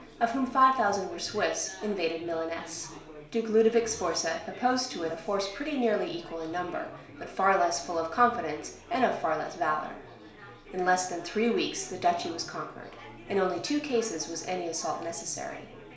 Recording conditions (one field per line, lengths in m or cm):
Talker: one person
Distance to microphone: 1.0 m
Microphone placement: close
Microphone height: 1.1 m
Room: small (3.7 m by 2.7 m)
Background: babble